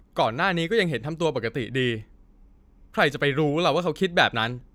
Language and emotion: Thai, angry